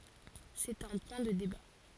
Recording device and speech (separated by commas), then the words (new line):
forehead accelerometer, read sentence
C'est un point de débat.